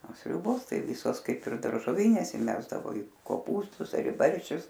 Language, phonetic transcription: Lithuanian, o ˈsriubos ˈtai ˈvysos ˈkaip ir daržoˈvynės iˈmesdavo i koˈpūstus ar i ˈbarščius

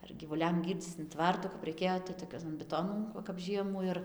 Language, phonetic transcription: Lithuanian, ar gyvuˈliam ˈgyrdzyc in ˈtvartu kap raiˈkėjo tai toˈkian biˈtonan ˈva kap ˈžiemų ir

